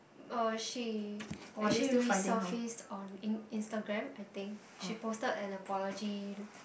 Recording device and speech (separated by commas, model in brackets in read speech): boundary microphone, conversation in the same room